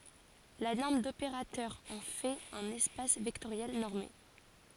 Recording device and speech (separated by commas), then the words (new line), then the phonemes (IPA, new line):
forehead accelerometer, read sentence
La norme d'opérateur en fait un espace vectoriel normé.
la nɔʁm dopeʁatœʁ ɑ̃ fɛt œ̃n ɛspas vɛktoʁjɛl nɔʁme